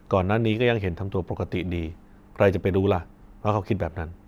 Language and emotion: Thai, neutral